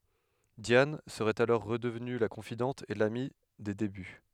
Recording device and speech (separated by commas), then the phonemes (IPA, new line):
headset microphone, read sentence
djan səʁɛt alɔʁ ʁədəvny la kɔ̃fidɑ̃t e lami de deby